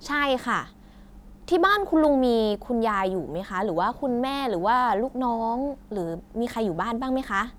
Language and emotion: Thai, neutral